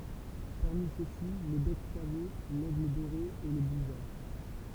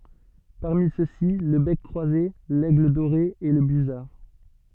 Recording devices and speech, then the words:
temple vibration pickup, soft in-ear microphone, read sentence
Parmi ceux-ci, le bec croisé, l'aigle doré et le busard.

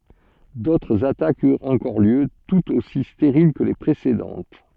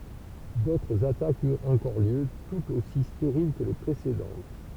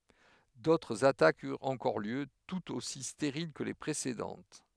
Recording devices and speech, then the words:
soft in-ear microphone, temple vibration pickup, headset microphone, read sentence
D'autres attaques eurent encore lieu, toutes aussi stériles que les précédentes.

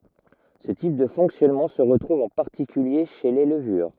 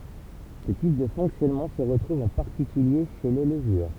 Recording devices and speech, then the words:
rigid in-ear microphone, temple vibration pickup, read sentence
Ce type de fonctionnement se retrouve en particulier chez les levures.

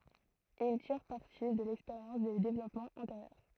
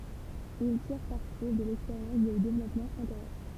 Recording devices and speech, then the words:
throat microphone, temple vibration pickup, read sentence
Ils tirent parti de l'expérience des développements antérieurs.

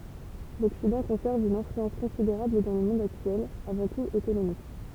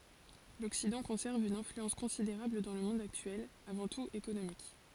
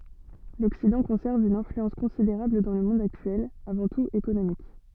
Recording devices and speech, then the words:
temple vibration pickup, forehead accelerometer, soft in-ear microphone, read sentence
L'Occident conserve une influence considérable dans le monde actuel, avant tout économique.

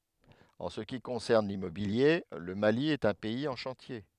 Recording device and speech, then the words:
headset microphone, read sentence
En ce qui concerne l'immobilier, le Mali est un pays en chantier.

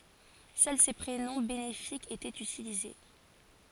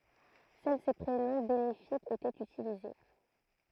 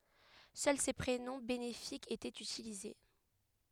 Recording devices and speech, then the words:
forehead accelerometer, throat microphone, headset microphone, read sentence
Seuls ces prénoms bénéfiques étaient utilisés.

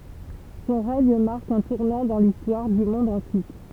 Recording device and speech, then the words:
temple vibration pickup, read sentence
Son règne marque un tournant dans l'histoire du monde antique.

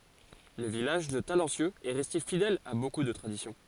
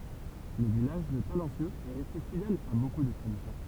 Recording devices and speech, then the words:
forehead accelerometer, temple vibration pickup, read sentence
Le village de Talencieux est resté fidèle à beaucoup de traditions.

